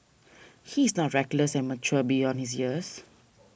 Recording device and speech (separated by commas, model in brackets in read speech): boundary microphone (BM630), read sentence